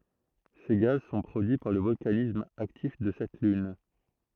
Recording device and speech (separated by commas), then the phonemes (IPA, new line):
throat microphone, read sentence
se ɡaz sɔ̃ pʁodyi paʁ lə vɔlkanism aktif də sɛt lyn